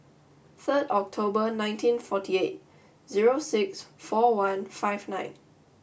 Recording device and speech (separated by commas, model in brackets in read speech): boundary microphone (BM630), read sentence